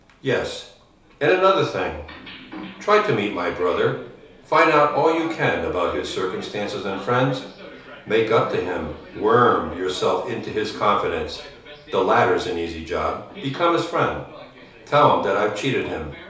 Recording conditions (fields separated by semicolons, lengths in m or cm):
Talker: one person; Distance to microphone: 3.0 m; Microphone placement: far; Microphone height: 1.8 m; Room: small (3.7 m by 2.7 m); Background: television